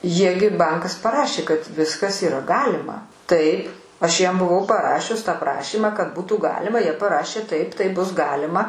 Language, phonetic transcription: Lithuanian, ˈjie gi ˈbankas paˈrašė kad ˈviskas yˈra ˈgalima ˈtaip aš ˈjiem buˈvau paˈrašius tą ˈprašymą kad ˈbūtų ˈgalima ˈjie paˈrašė ˈtaip ˈtai ˈbus ˈgalima

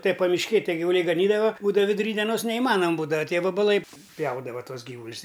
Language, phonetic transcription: Lithuanian, tai pamišˈkėj ˈtie givuˈliai gaˈnydava ˈbūdava viduˈry dieˈnos neiˈmanam ˈbūdava ˈtie vabaˈlai ˈpjaudava ˈtuos ˈgyvulis

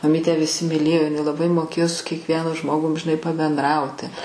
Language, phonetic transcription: Lithuanian, maˈmytę viˈsi miˈlėjo iˈnai laˈbai moˈkėjo su kiekˈvienu ˈžmogum žiˈnai pabenˈdrauti

